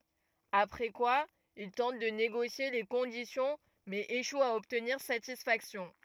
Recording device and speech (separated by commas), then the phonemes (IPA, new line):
rigid in-ear microphone, read sentence
apʁɛ kwa il tɑ̃t də neɡosje le kɔ̃disjɔ̃ mɛz eʃwt a ɔbtniʁ satisfaksjɔ̃